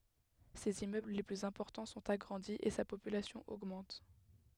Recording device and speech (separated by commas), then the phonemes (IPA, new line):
headset microphone, read sentence
sez immøbl le plyz ɛ̃pɔʁtɑ̃ sɔ̃t aɡʁɑ̃di e sa popylasjɔ̃ oɡmɑ̃t